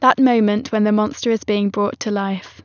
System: none